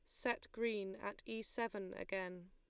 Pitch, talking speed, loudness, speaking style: 200 Hz, 155 wpm, -43 LUFS, Lombard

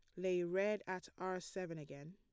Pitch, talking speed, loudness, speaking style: 185 Hz, 185 wpm, -42 LUFS, plain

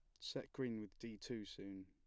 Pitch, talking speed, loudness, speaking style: 110 Hz, 220 wpm, -49 LUFS, plain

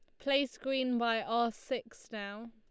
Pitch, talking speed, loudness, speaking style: 235 Hz, 155 wpm, -34 LUFS, Lombard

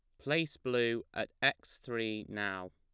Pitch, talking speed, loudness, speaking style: 110 Hz, 140 wpm, -35 LUFS, plain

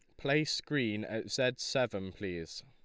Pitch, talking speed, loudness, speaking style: 125 Hz, 145 wpm, -34 LUFS, Lombard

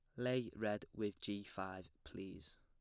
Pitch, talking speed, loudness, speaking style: 105 Hz, 150 wpm, -45 LUFS, plain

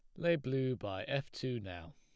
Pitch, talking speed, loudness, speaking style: 130 Hz, 205 wpm, -37 LUFS, plain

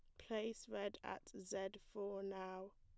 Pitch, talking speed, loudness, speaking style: 195 Hz, 140 wpm, -48 LUFS, plain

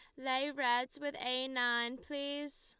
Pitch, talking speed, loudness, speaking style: 260 Hz, 150 wpm, -36 LUFS, Lombard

